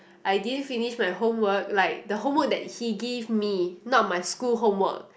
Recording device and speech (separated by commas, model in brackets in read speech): boundary microphone, conversation in the same room